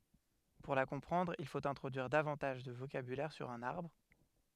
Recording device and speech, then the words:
headset microphone, read sentence
Pour la comprendre, il faut introduire davantage de vocabulaire sur un arbre.

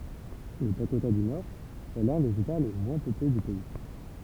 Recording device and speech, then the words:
temple vibration pickup, read sentence
Le Dakota du Nord est l'un des États les moins peuplés du pays.

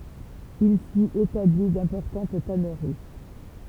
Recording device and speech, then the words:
temple vibration pickup, read sentence
Il s'y établit d'importantes tanneries.

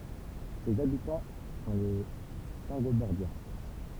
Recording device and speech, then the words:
temple vibration pickup, read sentence
Ses habitants sont les Saingobordiens.

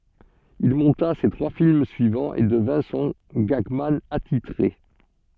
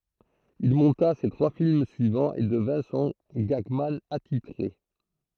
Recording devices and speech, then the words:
soft in-ear microphone, throat microphone, read sentence
Il monta ses trois films suivants, et devint son gagman attitré.

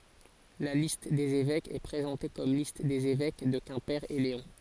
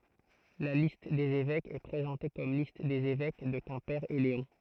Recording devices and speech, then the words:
forehead accelerometer, throat microphone, read sentence
La liste des évêques est présentée comme liste des évêques de Quimper et Léon.

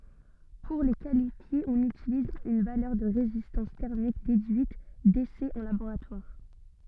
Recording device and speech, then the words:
soft in-ear microphone, read sentence
Pour les qualifier, on utilise une valeur de résistance thermique déduite d'essais en laboratoire.

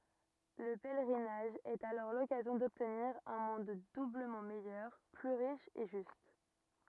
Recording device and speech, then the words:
rigid in-ear microphone, read sentence
Le pèlerinage est alors l'occasion d'obtenir un monde doublement meilleur, plus riche et juste.

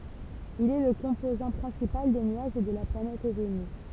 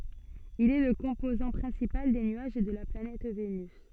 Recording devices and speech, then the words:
temple vibration pickup, soft in-ear microphone, read sentence
Il est le composant principal des nuages de la planète Vénus.

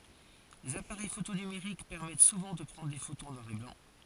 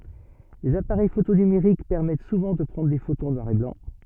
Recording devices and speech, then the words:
forehead accelerometer, soft in-ear microphone, read sentence
Les appareils photo numériques permettent souvent de prendre des photos en noir et blanc.

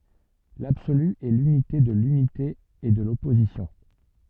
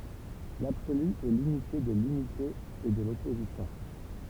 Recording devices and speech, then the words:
soft in-ear microphone, temple vibration pickup, read sentence
L'absolu est l'unité de l'unité et de l'opposition.

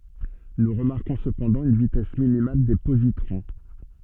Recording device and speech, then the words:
soft in-ear microphone, read sentence
Nous remarquons cependant une vitesse minimale des positrons.

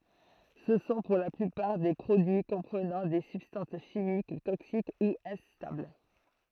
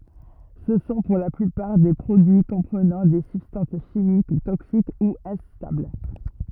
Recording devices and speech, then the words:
throat microphone, rigid in-ear microphone, read sentence
Ce sont pour la plupart des produits comprenant des substances chimiques toxiques ou instables.

